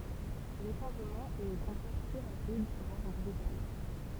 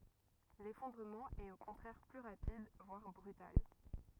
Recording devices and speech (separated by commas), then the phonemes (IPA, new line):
temple vibration pickup, rigid in-ear microphone, read sentence
lefɔ̃dʁəmɑ̃ ɛt o kɔ̃tʁɛʁ ply ʁapid vwaʁ bʁytal